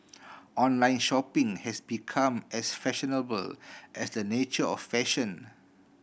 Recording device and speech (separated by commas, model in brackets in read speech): boundary microphone (BM630), read sentence